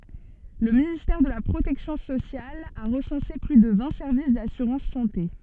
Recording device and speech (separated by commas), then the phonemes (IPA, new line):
soft in-ear microphone, read sentence
lə ministɛʁ də la pʁotɛksjɔ̃ sosjal a ʁəsɑ̃se ply də vɛ̃ sɛʁvis dasyʁɑ̃s sɑ̃te